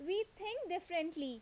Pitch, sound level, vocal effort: 360 Hz, 87 dB SPL, very loud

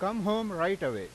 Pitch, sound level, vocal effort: 210 Hz, 95 dB SPL, loud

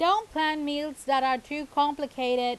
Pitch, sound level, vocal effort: 290 Hz, 93 dB SPL, very loud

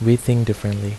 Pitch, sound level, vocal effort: 110 Hz, 77 dB SPL, soft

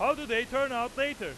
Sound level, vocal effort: 107 dB SPL, very loud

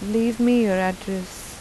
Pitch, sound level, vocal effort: 205 Hz, 83 dB SPL, soft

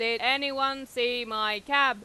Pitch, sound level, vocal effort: 245 Hz, 99 dB SPL, very loud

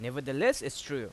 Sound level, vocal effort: 91 dB SPL, loud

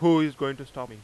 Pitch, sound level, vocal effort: 140 Hz, 97 dB SPL, loud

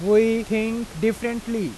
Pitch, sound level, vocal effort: 225 Hz, 92 dB SPL, loud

